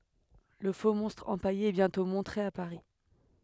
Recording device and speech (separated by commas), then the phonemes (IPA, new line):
headset microphone, read sentence
lə foksmɔ̃stʁ ɑ̃paje ɛ bjɛ̃tɔ̃ mɔ̃tʁe a paʁi